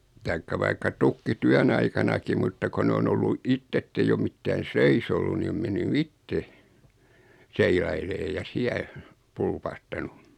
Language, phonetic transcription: Finnish, taikka vaikka 'tykki"tyän 'aikanaki mutta ko 'ne on 'ollu 'itt ‿etteij ‿o 'mittään̬ "seis ‿ollun 'ni om 'menny "itte , 'seilailee ja 'siä , 'pulpahtanu .
- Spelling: tai vaikka tykkityön aikanakin mutta kun ne on ollut itse että ei ole mitään seis ollut niin on mennyt itse seilailemaan ja siellä pulpahtanut

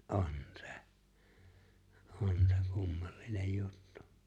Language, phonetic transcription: Finnish, ’on 'se , 'on se 'kummallinej 'juttᴜ .
- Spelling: on se on se kummallinen juttu

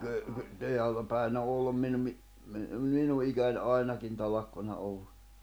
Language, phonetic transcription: Finnish, kəə , kə , 'teällä päin ‿o 'ollum (minuŋŋi) , mi- , 'minu ’ikän "ainakin 'talakkuna ollu .
- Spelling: kyllä kyllä teillä päin on ollut minunkin - minun ikäni ainakin talkkunaa ollut

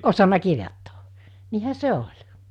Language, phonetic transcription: Finnish, osana 'kirjottᴏᴏ , niihä 'se oĺ .
- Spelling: osannut kirjoittaa niinhän se oli

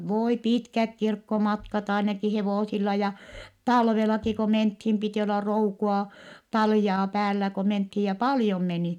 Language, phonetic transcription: Finnish, vooi pitkäk kirkkomatkat ainaki hevòsilla ja , talvelaki ko menthim pitì olla roukua , taljaa päällä ko menthii ja paljom meni .
- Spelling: voi pitkät kirkkomatkat ainakin hevosilla ja talvellakin kun mentiin piti olla roukua taljaa päällä kun mentiin ja paljon meni

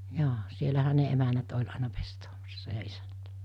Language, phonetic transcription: Finnish, 'joo , 'sielähä ne 'emänät oĺ aina pestoomassa ja 'isänᴀ̈t .
- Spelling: joo siellähän ne emännät oli aina pestaamassa ja isännät

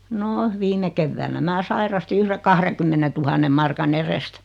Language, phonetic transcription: Finnish, 'no , 'viime kevväänä 'mää "sairasti 'yhre "kah-rekymmenetuhanneᵐ 'marka"n ‿erest .
- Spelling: no viime keväänä minä sairastin yhden kahdenkymmenentuhannen markan edestä

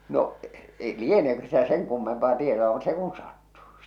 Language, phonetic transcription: Finnish, no’ , eⁱ "lieneekö sitä 'seŋ 'kummempaa 'tietoa mut 'se kun 'sattu .
- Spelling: no ei lieneekö sitä sen kummempaa tietoa mutta se kun sattui

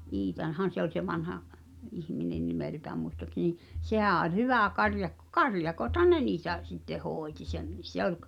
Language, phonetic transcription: Finnish, 'Iitan̳han̬ 'se ‿oĺ se 'vanha’ , '’ihminen 'nimèltääm muistoăksen ni’ , 'sehä̀ ’oĺ "hyvä̀ karjakko "karjakothan "ne niitä , sitte 'hooᵉti (sem) ni 'se ‿ol k- ,.
- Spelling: Iitahan se oli se vanha ihminen nimeltään muistaakseni niin sehän oli hyvä karjakko karjakothan ne niitä sitten hoiti sen niin se oli -

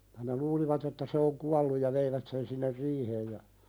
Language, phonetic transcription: Finnish, (ja) ne 'luulivat ‿että se oŋ "kualluj ja 'veivät sen sinner "riiheej ja ,.
- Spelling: ja ne luulivat että se on kuollut ja veivät sen sinne riiheen ja

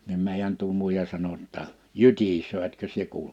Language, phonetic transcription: Finnish, nim 'mèijän tuo 'mùija 'sano ‿tta , » "jytisöö 'etkö sie 'kuulᵉ « .
- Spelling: niin meidän tuo muija sanoi jotta jytisee etkö sinä kuule

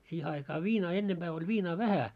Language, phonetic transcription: Finnish, siihe aikaa "viinaa 'ennemʙää oĺ 'viinaa "vähä .
- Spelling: siihen aikaan viinaa ennempää oli viinaa vähän

